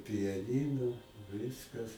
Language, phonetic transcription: Lithuanian, pijaˈnynu ir ˈviskas

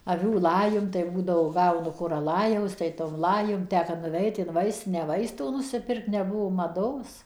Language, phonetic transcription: Lithuanian, aˈvių ˈlajum tai ˈbūdavo ˈgaunu ˈkur ˈlajaus tai tom ˈlajum ˈtę ka nuˈveit in ˈvaistinę ˈvaistų nusiˈpirkt neˈbuvo maˈdos

